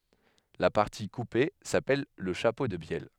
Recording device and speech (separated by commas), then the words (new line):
headset microphone, read sentence
La partie coupée s'appelle le chapeau de bielle.